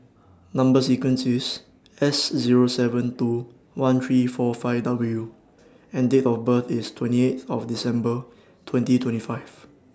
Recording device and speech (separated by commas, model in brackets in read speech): standing microphone (AKG C214), read sentence